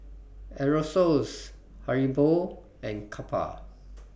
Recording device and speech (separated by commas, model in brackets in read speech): boundary microphone (BM630), read sentence